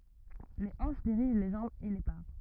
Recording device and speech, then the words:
rigid in-ear microphone, read sentence
Les hanches dirigent les jambes et les pas.

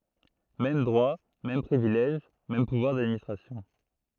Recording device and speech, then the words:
throat microphone, read sentence
Mêmes droits, mêmes privilèges, mêmes pouvoirs d'administration.

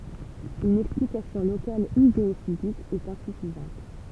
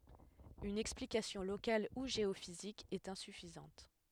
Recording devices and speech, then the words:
temple vibration pickup, headset microphone, read sentence
Une explication locale ou géophysique est insuffisante.

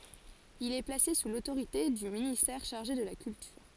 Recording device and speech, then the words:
forehead accelerometer, read sentence
Il est placé sous l'autorité du ministère chargé de la Culture.

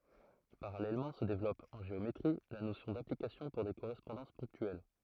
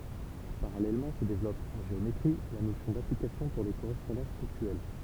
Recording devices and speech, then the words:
throat microphone, temple vibration pickup, read sentence
Parallèlement se développe, en géométrie, la notion d'application pour des correspondances ponctuelles.

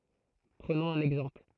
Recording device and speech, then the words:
throat microphone, read sentence
Prenons un exemple.

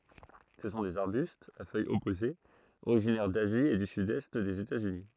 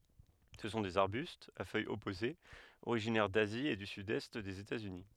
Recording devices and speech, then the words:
throat microphone, headset microphone, read sentence
Ce sont des arbustes, à feuilles opposées, originaires d'Asie et du sud-est des États-Unis.

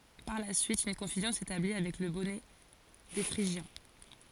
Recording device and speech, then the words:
forehead accelerometer, read sentence
Par la suite, une confusion s'établit avec le bonnet des Phrygiens.

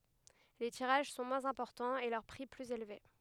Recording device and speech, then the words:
headset microphone, read sentence
Les tirages sont moins importants et leur prix plus élevé.

